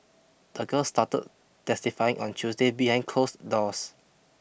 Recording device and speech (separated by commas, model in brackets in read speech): boundary microphone (BM630), read sentence